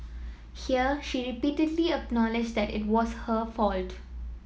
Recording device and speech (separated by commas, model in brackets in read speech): mobile phone (iPhone 7), read sentence